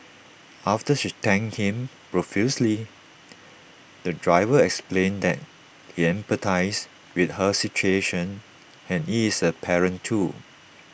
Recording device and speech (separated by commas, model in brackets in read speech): boundary microphone (BM630), read sentence